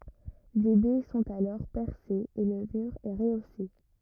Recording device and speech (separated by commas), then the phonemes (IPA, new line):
rigid in-ear microphone, read sentence
de bɛ sɔ̃t alɔʁ pɛʁsez e lə myʁ ɛ ʁəose